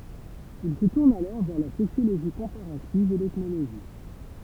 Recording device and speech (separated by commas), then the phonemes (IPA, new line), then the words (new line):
temple vibration pickup, read sentence
il sə tuʁn alɔʁ vɛʁ la sosjoloʒi kɔ̃paʁativ e l ɛtnoloʒi
Il se tourne alors vers la sociologie comparative et l'ethnologie.